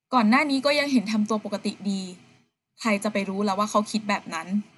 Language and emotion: Thai, neutral